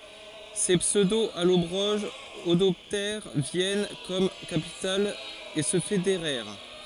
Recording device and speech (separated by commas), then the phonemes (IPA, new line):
forehead accelerometer, read sentence
se psødoalɔbʁoʒz adɔptɛʁ vjɛn kɔm kapital e sə fedeʁɛʁ